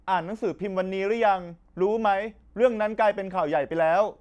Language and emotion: Thai, angry